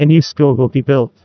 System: TTS, neural waveform model